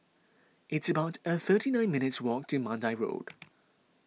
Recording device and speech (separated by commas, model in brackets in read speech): mobile phone (iPhone 6), read sentence